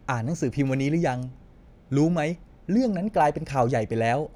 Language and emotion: Thai, neutral